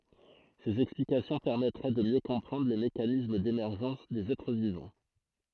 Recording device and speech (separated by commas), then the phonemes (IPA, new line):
throat microphone, read sentence
sez ɛksplikasjɔ̃ pɛʁmɛtʁɛ də mjø kɔ̃pʁɑ̃dʁ le mekanism demɛʁʒɑ̃s dez ɛtʁ vivɑ̃